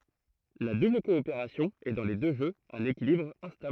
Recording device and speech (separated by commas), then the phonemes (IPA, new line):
throat microphone, read sentence
la dubl kɔopeʁasjɔ̃ ɛ dɑ̃ le dø ʒøz œ̃n ekilibʁ ɛ̃stabl